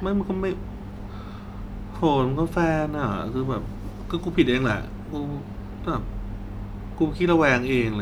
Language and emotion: Thai, frustrated